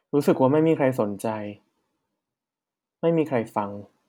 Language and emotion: Thai, frustrated